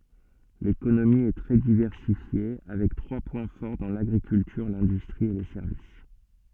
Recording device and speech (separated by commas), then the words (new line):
soft in-ear microphone, read sentence
L'économie est très diversifiée, avec trois points forts dans l'agriculture, l'industrie et les services.